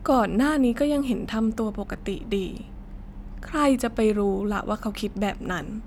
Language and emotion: Thai, sad